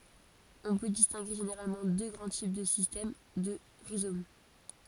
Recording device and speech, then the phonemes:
forehead accelerometer, read sentence
ɔ̃ pø distɛ̃ɡe ʒeneʁalmɑ̃ dø ɡʁɑ̃ tip də sistɛm də ʁizom

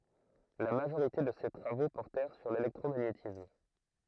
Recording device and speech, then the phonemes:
throat microphone, read sentence
la maʒoʁite də se tʁavo pɔʁtɛʁ syʁ lelɛktʁomaɲetism

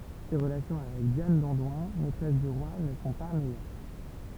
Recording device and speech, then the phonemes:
temple vibration pickup, read sentence
se ʁəlasjɔ̃ avɛk djan dɑ̃dwɛ̃ mɛtʁɛs dy ʁwa nə sɔ̃ pa mɛjœʁ

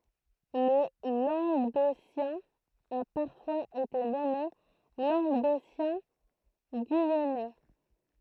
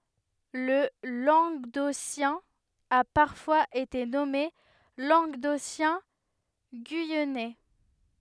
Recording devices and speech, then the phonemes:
throat microphone, headset microphone, read sentence
lə lɑ̃ɡdosjɛ̃ a paʁfwaz ete nɔme lɑ̃ɡdosjɛ̃ɡyijɛnɛ

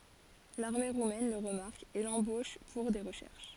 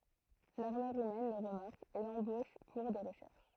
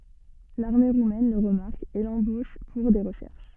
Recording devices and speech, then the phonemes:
forehead accelerometer, throat microphone, soft in-ear microphone, read sentence
laʁme ʁumɛn lə ʁəmaʁk e lɑ̃boʃ puʁ de ʁəʃɛʁʃ

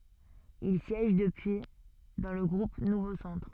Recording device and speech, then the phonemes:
soft in-ear microphone, read sentence
il sjɛʒ dəpyi dɑ̃ lə ɡʁup nuvo sɑ̃tʁ

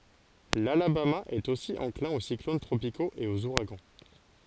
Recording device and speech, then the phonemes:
forehead accelerometer, read sentence
lalabama ɛt osi ɑ̃klɛ̃ o siklon tʁopikoz e oz uʁaɡɑ̃

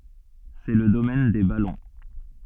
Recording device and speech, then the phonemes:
soft in-ear microphone, read sentence
sɛ lə domɛn de balɔ̃

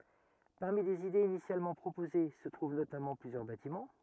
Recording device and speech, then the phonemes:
rigid in-ear microphone, read sentence
paʁmi lez idez inisjalmɑ̃ pʁopoze sə tʁuv notamɑ̃ plyzjœʁ batimɑ̃

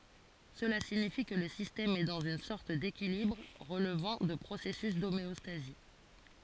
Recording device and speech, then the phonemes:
forehead accelerometer, read sentence
səla siɲifi kə lə sistɛm ɛ dɑ̃z yn sɔʁt dekilibʁ ʁəlvɑ̃ də pʁosɛsys domeɔstazi

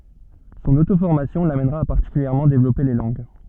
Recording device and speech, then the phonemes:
soft in-ear microphone, read sentence
sɔ̃n otofɔʁmasjɔ̃ lamɛnʁa a paʁtikyljɛʁmɑ̃ devlɔpe le lɑ̃ɡ

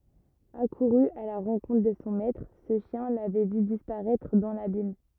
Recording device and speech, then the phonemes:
rigid in-ear microphone, read sentence
akuʁy a la ʁɑ̃kɔ̃tʁ də sɔ̃ mɛtʁ sə ʃjɛ̃ lavɛ vy dispaʁɛtʁ dɑ̃ labim

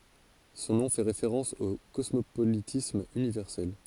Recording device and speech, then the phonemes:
forehead accelerometer, read sentence
sɔ̃ nɔ̃ fɛ ʁefeʁɑ̃s o kɔsmopolitism ynivɛʁsɛl

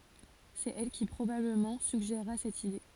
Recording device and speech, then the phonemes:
forehead accelerometer, read sentence
sɛt ɛl ki pʁobabləmɑ̃ syɡʒeʁa sɛt ide

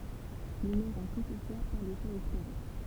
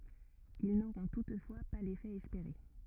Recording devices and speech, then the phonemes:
temple vibration pickup, rigid in-ear microphone, read sentence
il noʁɔ̃ tutfwa pa lefɛ ɛspeʁe

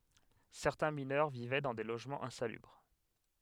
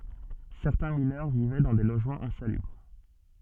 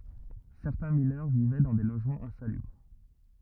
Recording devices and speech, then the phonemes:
headset microphone, soft in-ear microphone, rigid in-ear microphone, read sentence
sɛʁtɛ̃ minœʁ vivɛ dɑ̃ de loʒmɑ̃z ɛ̃salybʁ

